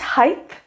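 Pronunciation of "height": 'Height' is pronounced incorrectly here.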